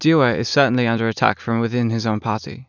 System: none